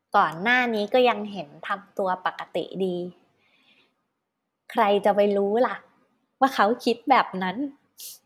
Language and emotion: Thai, happy